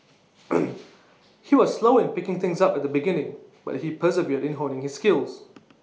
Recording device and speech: mobile phone (iPhone 6), read sentence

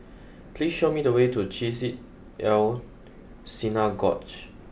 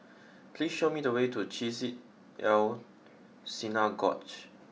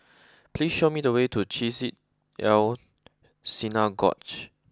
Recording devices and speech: boundary microphone (BM630), mobile phone (iPhone 6), close-talking microphone (WH20), read sentence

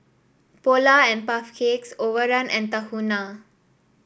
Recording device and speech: boundary microphone (BM630), read sentence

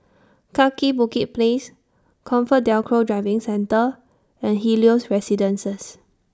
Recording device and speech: standing microphone (AKG C214), read sentence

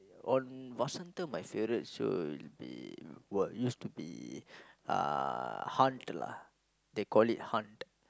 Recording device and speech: close-talking microphone, conversation in the same room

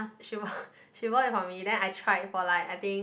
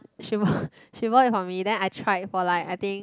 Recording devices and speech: boundary microphone, close-talking microphone, conversation in the same room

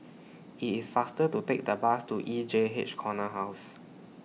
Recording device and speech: mobile phone (iPhone 6), read sentence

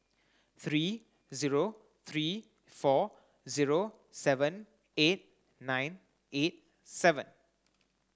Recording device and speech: close-talking microphone (WH30), read sentence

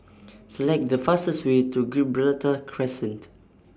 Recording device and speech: standing microphone (AKG C214), read sentence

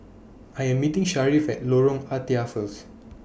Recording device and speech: boundary microphone (BM630), read sentence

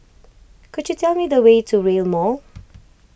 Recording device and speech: boundary microphone (BM630), read sentence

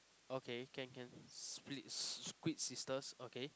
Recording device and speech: close-talking microphone, conversation in the same room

